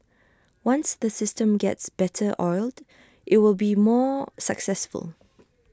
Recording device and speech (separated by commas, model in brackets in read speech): standing microphone (AKG C214), read sentence